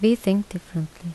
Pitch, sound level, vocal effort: 180 Hz, 78 dB SPL, soft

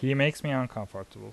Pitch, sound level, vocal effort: 125 Hz, 83 dB SPL, normal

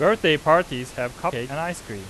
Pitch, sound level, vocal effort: 155 Hz, 94 dB SPL, loud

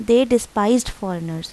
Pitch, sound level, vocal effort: 225 Hz, 82 dB SPL, normal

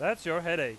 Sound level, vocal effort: 99 dB SPL, very loud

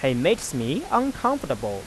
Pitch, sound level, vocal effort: 135 Hz, 91 dB SPL, normal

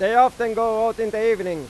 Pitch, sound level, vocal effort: 225 Hz, 103 dB SPL, very loud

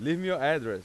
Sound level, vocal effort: 98 dB SPL, very loud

